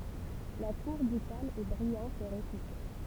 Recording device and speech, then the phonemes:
temple vibration pickup, read sentence
la kuʁ dykal ɛ bʁijɑ̃t e ʁepyte

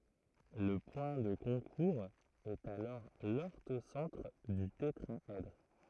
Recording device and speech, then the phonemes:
throat microphone, read sentence
lə pwɛ̃ də kɔ̃kuʁz ɛt alɔʁ lɔʁtosɑ̃tʁ dy tetʁaɛdʁ

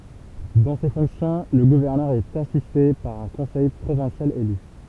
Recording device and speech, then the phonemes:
temple vibration pickup, read sentence
dɑ̃ se fɔ̃ksjɔ̃ lə ɡuvɛʁnœʁ ɛt asiste paʁ œ̃ kɔ̃sɛj pʁovɛ̃sjal ely

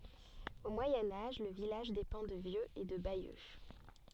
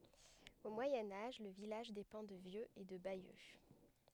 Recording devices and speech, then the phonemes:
soft in-ear microphone, headset microphone, read sentence
o mwajɛ̃ aʒ lə vilaʒ depɑ̃ də vjøz e də bajø

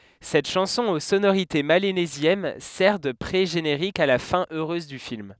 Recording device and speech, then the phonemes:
headset microphone, read sentence
sɛt ʃɑ̃sɔ̃ o sonoʁite melanezjɛn sɛʁ də pʁeʒeneʁik a la fɛ̃ øʁøz dy film

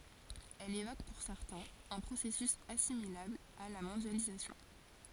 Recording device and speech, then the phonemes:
forehead accelerometer, read sentence
ɛl evok puʁ sɛʁtɛ̃z œ̃ pʁosɛsys asimilabl a la mɔ̃djalizasjɔ̃

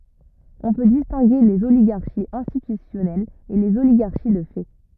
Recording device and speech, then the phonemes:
rigid in-ear microphone, read sentence
ɔ̃ pø distɛ̃ɡe lez oliɡaʁʃiz ɛ̃stitysjɔnɛlz e lez oliɡaʁʃi də fɛ

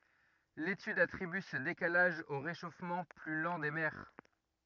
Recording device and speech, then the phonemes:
rigid in-ear microphone, read sentence
letyd atʁiby sə dekalaʒ o ʁeʃofmɑ̃ ply lɑ̃ de mɛʁ

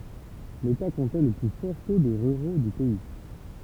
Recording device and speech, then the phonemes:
temple vibration pickup, read sentence
leta kɔ̃tɛ lə ply fɔʁ to də ʁyʁo dy pɛi

